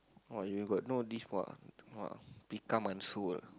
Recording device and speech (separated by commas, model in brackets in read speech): close-talking microphone, conversation in the same room